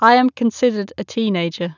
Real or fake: real